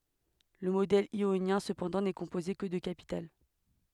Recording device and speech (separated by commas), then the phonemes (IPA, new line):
headset microphone, read sentence
lə modɛl jonjɛ̃ səpɑ̃dɑ̃ nɛ kɔ̃poze kə də kapital